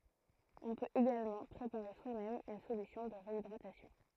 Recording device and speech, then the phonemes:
throat microphone, read sentence
ɔ̃ pøt eɡalmɑ̃ pʁepaʁe swamɛm yn solysjɔ̃ də ʁeidʁatasjɔ̃

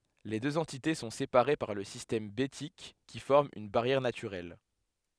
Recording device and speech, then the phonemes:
headset microphone, read sentence
le døz ɑ̃tite sɔ̃ sepaʁe paʁ lə sistɛm betik ki fɔʁm yn baʁjɛʁ natyʁɛl

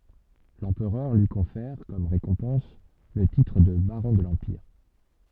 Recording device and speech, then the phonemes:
soft in-ear microphone, read sentence
lɑ̃pʁœʁ lyi kɔ̃fɛʁ kɔm ʁekɔ̃pɑ̃s lə titʁ də baʁɔ̃ də lɑ̃piʁ

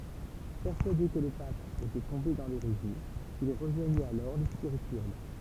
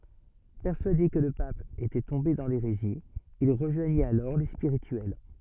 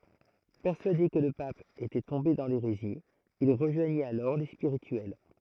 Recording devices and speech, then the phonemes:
temple vibration pickup, soft in-ear microphone, throat microphone, read sentence
pɛʁsyade kə lə pap etɛ tɔ̃be dɑ̃ leʁezi il ʁəʒwaɲit alɔʁ le spiʁityɛl

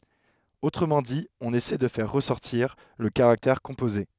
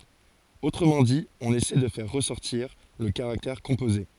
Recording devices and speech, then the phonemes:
headset microphone, forehead accelerometer, read sentence
otʁəmɑ̃ di ɔ̃n esɛ də fɛʁ ʁəsɔʁtiʁ lə kaʁaktɛʁ kɔ̃poze

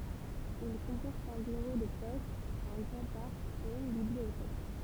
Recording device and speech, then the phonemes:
temple vibration pickup, read sentence
il kɔ̃pɔʁt œ̃ byʁo də pɔst œ̃ ɡʁɑ̃ paʁk e yn bibliotɛk

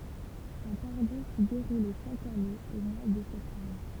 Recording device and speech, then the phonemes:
temple vibration pickup, read sentence
œ̃ paʁdɔ̃ si deʁulɛ ʃak ane o mwa də sɛptɑ̃bʁ

